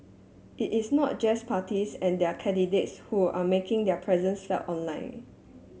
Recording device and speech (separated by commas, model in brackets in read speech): mobile phone (Samsung S8), read sentence